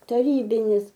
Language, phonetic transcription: Lithuanian, taˈrybinis

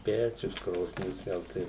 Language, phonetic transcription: Lithuanian, ˈpečius ˈkrosnis ˈgal tai

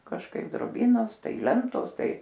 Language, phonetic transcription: Lithuanian, kažˈkaip droˈbynos ˈtai ˈlentos ˈtai

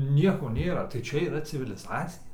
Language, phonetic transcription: Lithuanian, ˈnieko ˈnėra tai ˈčia yˈra civiliˈzacija

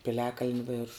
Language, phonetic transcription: Lithuanian, piˈliakalni ˈvėršu

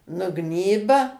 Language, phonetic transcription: Lithuanian, nuˈgnyba

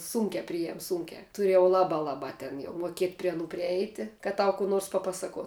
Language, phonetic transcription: Lithuanian, ˈsūnkia ˈprijam ˈsūnkia ˈturė jau ˈlabā ˈlabā ten jau muoˈkiet' prie aˈnų priˈeiti kad ˈtau kų ˈnors paˈpasakuo

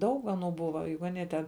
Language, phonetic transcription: Lithuanian, ˈdaug aˈnų ˈbuva ˈjug aˈnie ten

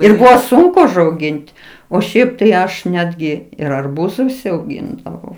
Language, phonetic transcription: Lithuanian, ir ˈbuvo ˈsunku užauˈgin't' o ˈšiaip tai ˈaš ˈnetgi ir arˈbūzu užsiauˈgindavau

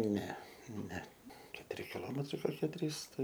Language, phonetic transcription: Lithuanian, ˈne ˈne ketuˈri kiˈlometrai koˈkie ˈtrys ˈtai

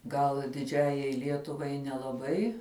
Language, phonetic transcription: Lithuanian, gal diˈdžiajai ˈlietuvai nelaˈbai

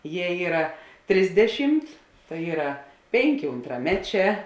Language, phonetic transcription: Lithuanian, ˈje ˈyra ˈtrisdeˌšymt tai ˈyra ˈpėnˌkė untraˈmeˌčē

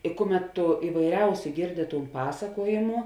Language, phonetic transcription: Lithuanian, i ˈkuˌmet tu ivaiˈriausiu ˈgėrdi ˈtūn ˈpasakuojėmu

